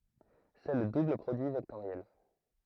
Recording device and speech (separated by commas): throat microphone, read sentence